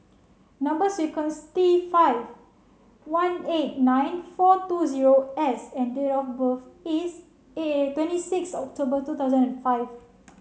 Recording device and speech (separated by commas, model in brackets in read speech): mobile phone (Samsung C7), read sentence